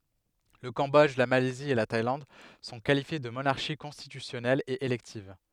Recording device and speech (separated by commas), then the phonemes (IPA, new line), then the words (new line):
headset microphone, read sentence
lə kɑ̃bɔdʒ la malɛzi e la tajlɑ̃d sɔ̃ kalifje də monaʁʃi kɔ̃stitysjɔnɛlz e elɛktiv
Le Cambodge, la Malaisie et la Thaïlande sont qualifiées de monarchies constitutionnelles et électives.